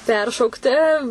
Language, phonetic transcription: Lithuanian, ˈperšaukti

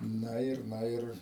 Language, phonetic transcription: Lithuanian, ˈna ir ˈna ir

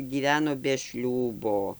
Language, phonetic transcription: Lithuanian, gyˈveno be ˈšliūbo

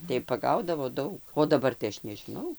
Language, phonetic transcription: Lithuanian, tai paˈgaudavo ˈdaug o daˈbar tai ˈaš nežiˈnau

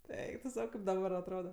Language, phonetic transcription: Lithuanian, ˈeik tu ˈsau ˈkaip daˈbar atˈroda

